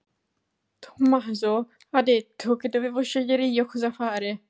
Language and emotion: Italian, fearful